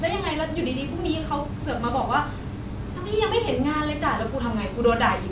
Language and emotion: Thai, frustrated